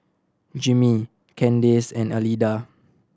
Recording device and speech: standing microphone (AKG C214), read sentence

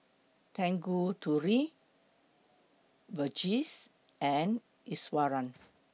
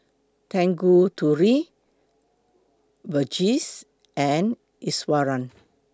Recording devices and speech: mobile phone (iPhone 6), close-talking microphone (WH20), read sentence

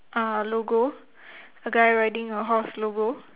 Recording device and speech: telephone, conversation in separate rooms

